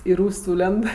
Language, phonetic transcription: Lithuanian, i ˈrūs' ˈsūlend

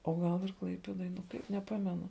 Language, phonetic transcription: Lithuanian, o ˈgal ir ˈklaipėdoj ˈkaip neˈpamenu

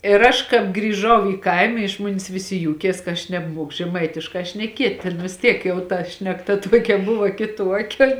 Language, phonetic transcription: Lithuanian, ir ˈaš kāp grįˈžau į ˈkaima iš ˈmonis ˈviˌsi ˈjūkies ka ˈaš nebˈmuoku žeˈmaitiškā šneˈkiet' tėn vis ˈtiek jau ˈta šnekˈta ˈtuokia ˈbuva kiˈtuokia

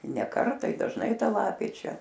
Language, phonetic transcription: Lithuanian, ne ˈkartą i dažˈnai ˈta ˈlapė ˈčia

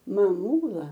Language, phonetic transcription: Lithuanian, maˈmūla

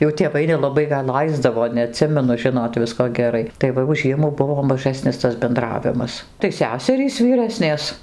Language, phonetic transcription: Lithuanian, jau tėˈvai nelaˈbai gal ˈlaisdavo neaˈtsimenu ˈžinot ˈvisko geˈrai tai ˈva jau ˈžiemų ˈbuvo maˈžasnis tas benˈdravimas tai ˈseserys vyˈrasnės

